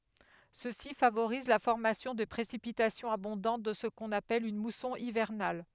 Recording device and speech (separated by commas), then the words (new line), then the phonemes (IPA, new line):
headset microphone, read sentence
Ceci favorise la formation de précipitations abondantes dans ce qu'on appelle une mousson hivernale.
səsi favoʁiz la fɔʁmasjɔ̃ də pʁesipitasjɔ̃z abɔ̃dɑ̃t dɑ̃ sə kɔ̃n apɛl yn musɔ̃ ivɛʁnal